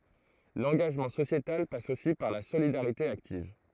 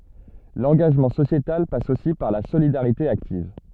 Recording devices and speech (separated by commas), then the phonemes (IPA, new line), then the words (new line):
throat microphone, soft in-ear microphone, read sentence
lɑ̃ɡaʒmɑ̃ sosjetal pas osi paʁ la solidaʁite aktiv
L'engagement sociétal passe aussi par la solidarité active.